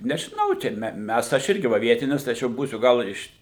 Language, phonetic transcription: Lithuanian, nežiˈnau ˈčia me ˈmes tai aš ˈirgi ˈva ˈvietinis tai ˈaš jau ˈbūsiu ˈgal ir iš

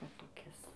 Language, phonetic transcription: Lithuanian, ˈva toˈkis

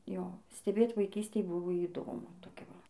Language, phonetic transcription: Lithuanian, ˈjo steˈbėt vaiˈkystėj ˈbuvo įˈdomu toˈkia ˈva

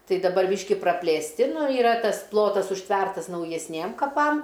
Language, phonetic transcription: Lithuanian, ˈtai daˈbar ˈbyški praplėsˈti nu iˈra ˈtas ˈplotas užˈtvertas naujesˈniem kaˈpam

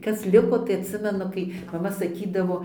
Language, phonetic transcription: Lithuanian, ˈkas ˈliko tai atˈsimenu kai maˈma saˈkydavo

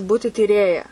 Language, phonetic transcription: Lithuanian, ˈbūti tyˈrėja

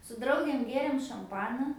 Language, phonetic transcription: Lithuanian, su ˈdraugėm ˈgėrėm šamˈpana

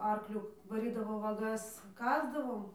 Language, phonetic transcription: Lithuanian, ˈarkliu vaˈrydavo vaˈgas ˈkasdavom

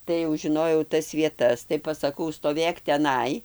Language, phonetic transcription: Lithuanian, tai jau žiˈnojau ˈtas vieˈtas tai pasaˈkau stoˈvėk teˈnai

